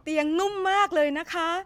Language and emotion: Thai, happy